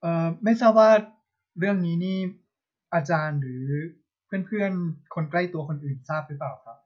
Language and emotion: Thai, neutral